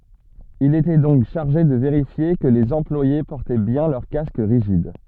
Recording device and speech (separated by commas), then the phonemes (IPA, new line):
soft in-ear microphone, read sentence
il etɛ dɔ̃k ʃaʁʒe də veʁifje kə lez ɑ̃plwaje pɔʁtɛ bjɛ̃ lœʁ kask ʁiʒid